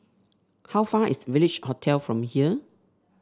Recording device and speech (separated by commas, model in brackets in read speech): standing microphone (AKG C214), read sentence